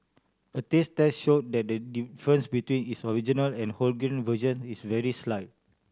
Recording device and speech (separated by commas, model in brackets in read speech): standing microphone (AKG C214), read sentence